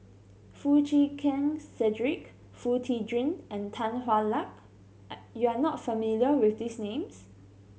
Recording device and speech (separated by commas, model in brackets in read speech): mobile phone (Samsung C7100), read sentence